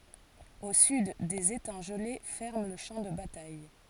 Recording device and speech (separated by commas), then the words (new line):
forehead accelerometer, read sentence
Au sud, des étangs gelés ferment le champ de bataille.